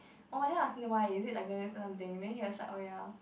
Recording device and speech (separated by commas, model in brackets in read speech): boundary microphone, conversation in the same room